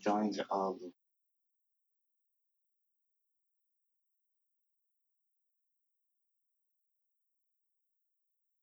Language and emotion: English, sad